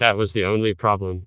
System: TTS, vocoder